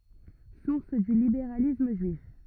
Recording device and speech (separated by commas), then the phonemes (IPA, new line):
rigid in-ear microphone, read sentence
suʁs dy libeʁalism ʒyif